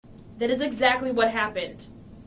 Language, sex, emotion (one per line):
English
female
neutral